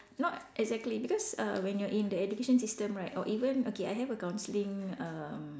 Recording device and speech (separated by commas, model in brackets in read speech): standing microphone, conversation in separate rooms